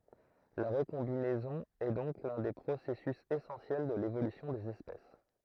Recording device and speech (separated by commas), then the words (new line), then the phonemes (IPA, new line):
throat microphone, read sentence
La recombinaison est donc l'un des processus essentiels de l'évolution des espèces.
la ʁəkɔ̃binɛzɔ̃ ɛ dɔ̃k lœ̃ de pʁosɛsys esɑ̃sjɛl də levolysjɔ̃ dez ɛspɛs